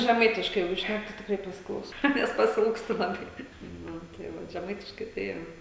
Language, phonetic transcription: Lithuanian, žeˈmaitiškai ˈjeigu ˈšnæk tai tikˈrai pasiˈklausau ˈnes pasiˈilgstu laˈbai ˈnu tai ˈva žeˈmaitiškai tai ˈjo

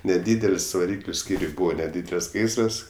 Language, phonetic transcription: Lithuanian, neˈdydel's' vaˈrykliu ˈskyriuj ˈbūva neˈdydel's' ˈgaisras

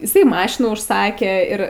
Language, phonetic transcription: Lithuanian, iˈsai ˈmašinų užˈsakė ir

